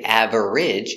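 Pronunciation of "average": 'Average' is pronounced incorrectly here, with three syllables instead of two.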